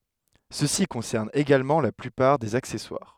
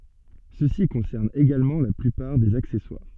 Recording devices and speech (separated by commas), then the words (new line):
headset microphone, soft in-ear microphone, read sentence
Ceci concerne également la plupart des accessoires.